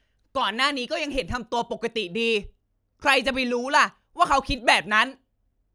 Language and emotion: Thai, angry